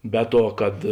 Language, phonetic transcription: Lithuanian, ˈbe ˌtuo kad

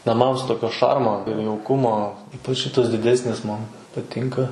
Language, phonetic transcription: Lithuanian, naˈmams ˈtokio ˈšarmo ir jauˈkumo ˈypač ˈšitas diˈdesnis ˈman paˈtinka

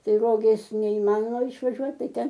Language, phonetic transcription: Lithuanian, ˈtai ˈrogės neiˈmanoma išvaˈžiuot ˈtai ˈten

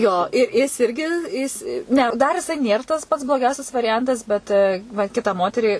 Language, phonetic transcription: Lithuanian, ˈjo i ˈjis ˈirgi ˈjis ˈne dar jiˈsai ˈnėr tas pats bloˈgiausias variˈjantas ˈbet va ˈkitą ˈmoterį

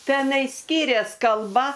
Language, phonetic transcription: Lithuanian, ˈtenai ˈskirias kalˈba

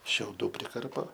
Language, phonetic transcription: Lithuanian, šiauˈdų priˈkarpo

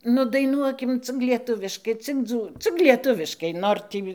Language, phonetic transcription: Lithuanian, ˈnu daiˈnuokim cik lieˈtuviškai cik ˈdzū cik lieˈtuviškai ˈnor tį

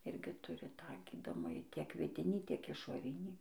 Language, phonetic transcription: Lithuanian, ˈirgi ˈturi tą ˈgydomajį tiek viˈdinį tiek išoˈrinį

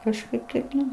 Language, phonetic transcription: Lithuanian, kažˈkaip taip ˈnu

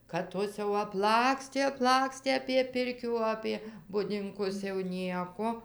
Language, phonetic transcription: Lithuanian, kad ˈtos jau apˈlakstė apˈlakstė apie ˈpirkių apie budinˈkus jau ˈnieko

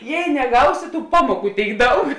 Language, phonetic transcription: Lithuanian, ˈjei neˈgausi tų ˈpamuoˌkų ˈtėik ˈdaug

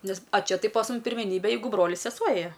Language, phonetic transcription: Lithuanian, ˈnes a ˈčia ˈtai pas ˈmum pirmeˈnybe ˈjeigu ˈbrolis seˈsuo ˈėja

